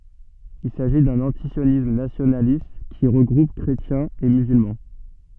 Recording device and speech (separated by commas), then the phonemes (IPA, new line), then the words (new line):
soft in-ear microphone, read sentence
il saʒi dœ̃n ɑ̃tisjonism nasjonalist ki ʁəɡʁup kʁetjɛ̃z e myzylmɑ̃
Il s’agit d’un antisionisme nationaliste, qui regroupe chrétiens et musulmans.